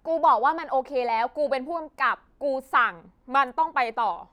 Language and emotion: Thai, frustrated